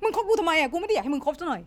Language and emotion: Thai, angry